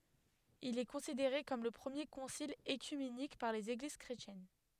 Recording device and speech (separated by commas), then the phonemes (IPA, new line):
headset microphone, read sentence
il ɛ kɔ̃sideʁe kɔm lə pʁəmje kɔ̃sil økymenik paʁ lez eɡliz kʁetjɛn